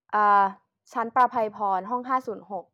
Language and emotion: Thai, neutral